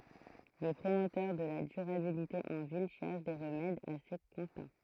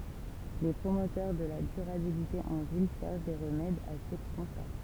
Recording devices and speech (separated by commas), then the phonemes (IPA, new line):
throat microphone, temple vibration pickup, read sentence
le pʁomotœʁ də la dyʁabilite ɑ̃ vil ʃɛʁʃ de ʁəmɛdz a se kɔ̃sta